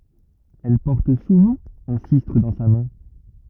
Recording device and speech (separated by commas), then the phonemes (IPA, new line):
rigid in-ear microphone, read sentence
ɛl pɔʁt suvɑ̃ œ̃ sistʁ dɑ̃ sa mɛ̃